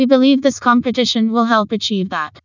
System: TTS, vocoder